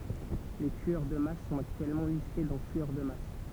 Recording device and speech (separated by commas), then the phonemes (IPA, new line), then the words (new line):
temple vibration pickup, read sentence
le tyœʁ də mas sɔ̃t aktyɛlmɑ̃ liste dɑ̃ tyœʁ də mas
Les tueurs de masse sont actuellement listés dans tueur de masse.